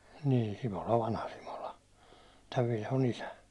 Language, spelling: Finnish, niin Simola vanha Simola tämän Vilhon isä
- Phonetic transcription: nii , 'Simola 'vanha Simola , täv 'Vilho"n ‿isä .

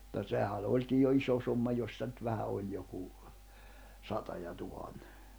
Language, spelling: Finnish, mutta sehän onkin jo iso summa jos sitä nyt vähän oli joku sata ja tuhannen
- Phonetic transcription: [mut]ta 'sehä 'òĺkij jo 'iso summa jos sⁱtä nʸt 'vähä ’oĺ joku , 'sata ja 'tuhanne .

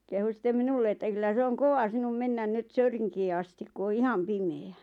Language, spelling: Finnish, kehui sitten minulle että kyllä se on kova sinun mennä nyt Söyrinkiin asti kun on ihan pimeä
- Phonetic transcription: 'kehu sⁱt̆tem "minulle että » 'kyllä se oŋ "kova 'sinum 'mennän 'nyt "Söyriŋkii astik ku o "iham 'pime₍ä « .

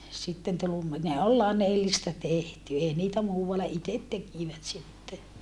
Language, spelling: Finnish, sitten tuli - ne oli flanellista tehty ei niitä muualla itse tekivät sitten
- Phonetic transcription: » sitten tul ‿ummi- , ne ol lanellista tehty ei niitä muuvalla itet tekìvät sitte .

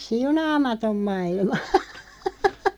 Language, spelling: Finnish, siunaamaton maailma
- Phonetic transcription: Siunaamatom 'ma₍ilma .

